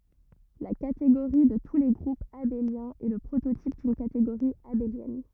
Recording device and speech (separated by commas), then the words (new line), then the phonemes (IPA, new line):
rigid in-ear microphone, read sentence
La catégorie de tous les groupes abéliens est le prototype d'une catégorie abélienne.
la kateɡoʁi də tu le ɡʁupz abeljɛ̃z ɛ lə pʁototip dyn kateɡoʁi abeljɛn